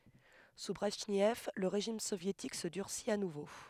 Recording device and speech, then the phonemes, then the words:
headset microphone, read sentence
su bʁɛʒnɛv lə ʁeʒim sovjetik sə dyʁsit a nuvo
Sous Brejnev, le régime soviétique se durcit à nouveau.

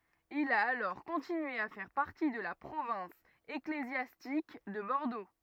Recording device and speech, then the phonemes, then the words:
rigid in-ear microphone, read sentence
il a alɔʁ kɔ̃tinye a fɛʁ paʁti də la pʁovɛ̃s eklezjastik də bɔʁdo
Il a alors continué à faire partie de la province ecclésiastique de Bordeaux.

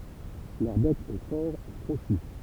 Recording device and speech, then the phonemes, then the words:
temple vibration pickup, read sentence
lœʁ bɛk ɛ fɔʁ e kʁoʃy
Leur bec est fort et crochu.

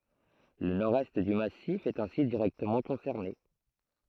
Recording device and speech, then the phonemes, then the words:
throat microphone, read sentence
lə nɔʁdɛst dy masif ɛt ɛ̃si diʁɛktəmɑ̃ kɔ̃sɛʁne
Le nord-est du massif est ainsi directement concerné.

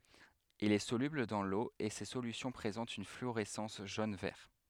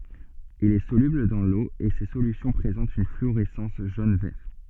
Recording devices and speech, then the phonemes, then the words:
headset microphone, soft in-ear microphone, read sentence
il ɛ solybl dɑ̃ lo e se solysjɔ̃ pʁezɑ̃tt yn flyoʁɛsɑ̃s ʒon vɛʁ
Il est soluble dans l'eau et ses solutions présentent une fluorescence jaune-vert.

